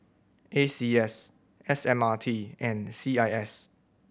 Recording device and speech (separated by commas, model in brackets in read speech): boundary microphone (BM630), read sentence